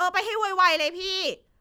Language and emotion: Thai, angry